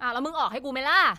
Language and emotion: Thai, angry